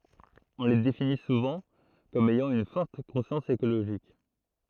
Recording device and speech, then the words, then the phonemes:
throat microphone, read sentence
On les définit souvent comme ayant une forte conscience écologique.
ɔ̃ le defini suvɑ̃ kɔm ɛjɑ̃ yn fɔʁt kɔ̃sjɑ̃s ekoloʒik

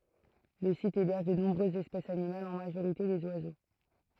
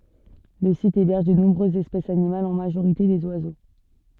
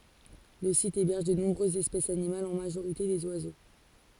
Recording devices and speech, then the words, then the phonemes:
throat microphone, soft in-ear microphone, forehead accelerometer, read sentence
Le site héberge de nombreuses espèces animales, en majorité des oiseaux.
lə sit ebɛʁʒ də nɔ̃bʁøzz ɛspɛsz animalz ɑ̃ maʒoʁite dez wazo

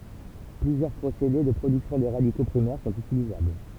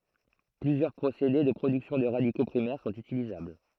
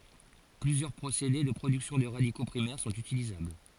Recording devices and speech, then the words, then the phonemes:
temple vibration pickup, throat microphone, forehead accelerometer, read sentence
Plusieurs procédés de production de radicaux primaires sont utilisables.
plyzjœʁ pʁosede də pʁodyksjɔ̃ də ʁadiko pʁimɛʁ sɔ̃t ytilizabl

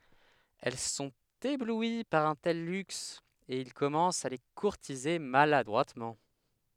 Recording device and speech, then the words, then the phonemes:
headset microphone, read sentence
Elles sont éblouies par un tel luxe, et ils commencent à les courtiser maladroitement.
ɛl sɔ̃t eblwi paʁ œ̃ tɛl lyks e il kɔmɑ̃st a le kuʁtize maladʁwatmɑ̃

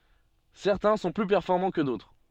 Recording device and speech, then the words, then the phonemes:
soft in-ear microphone, read sentence
Certains sont plus performants que d'autres.
sɛʁtɛ̃ sɔ̃ ply pɛʁfɔʁmɑ̃ kə dotʁ

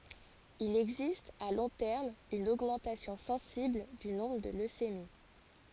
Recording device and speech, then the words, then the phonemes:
forehead accelerometer, read sentence
Il existe, à long terme, une augmentation sensible du nombre de leucémies.
il ɛɡzist a lɔ̃ tɛʁm yn oɡmɑ̃tasjɔ̃ sɑ̃sibl dy nɔ̃bʁ də løsemi

